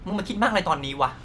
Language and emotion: Thai, frustrated